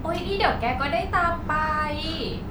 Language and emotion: Thai, happy